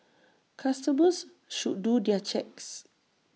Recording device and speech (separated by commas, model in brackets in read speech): mobile phone (iPhone 6), read sentence